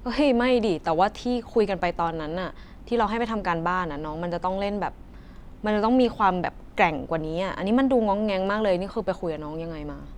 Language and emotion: Thai, frustrated